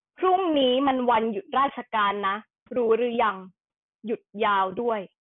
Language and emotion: Thai, angry